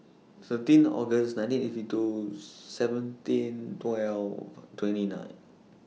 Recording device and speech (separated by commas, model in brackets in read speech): mobile phone (iPhone 6), read sentence